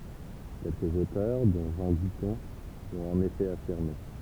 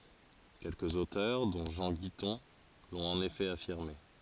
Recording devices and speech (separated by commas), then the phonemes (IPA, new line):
temple vibration pickup, forehead accelerometer, read sentence
kɛlkəz otœʁ dɔ̃ ʒɑ̃ ɡitɔ̃ lɔ̃t ɑ̃n efɛ afiʁme